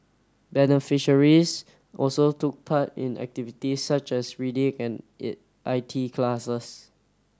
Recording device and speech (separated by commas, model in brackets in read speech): standing microphone (AKG C214), read sentence